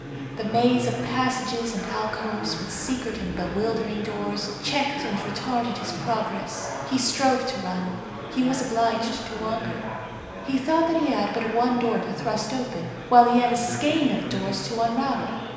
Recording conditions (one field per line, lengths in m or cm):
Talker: one person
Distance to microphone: 1.7 m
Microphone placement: close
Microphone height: 1.0 m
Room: very reverberant, large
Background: babble